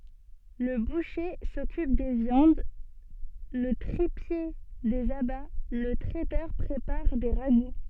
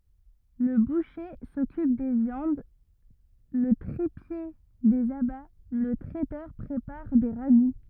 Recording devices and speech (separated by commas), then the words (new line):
soft in-ear microphone, rigid in-ear microphone, read sentence
Le boucher s'occupe des viandes, le tripier, des abats, le traiteur prépare des ragoûts.